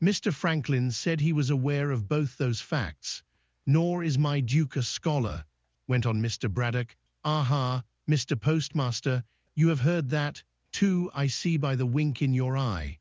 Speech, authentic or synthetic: synthetic